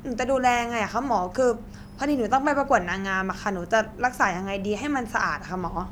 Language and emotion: Thai, frustrated